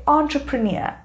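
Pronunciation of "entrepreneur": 'Entrepreneur' is pronounced correctly here.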